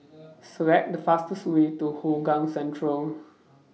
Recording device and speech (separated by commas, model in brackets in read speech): mobile phone (iPhone 6), read sentence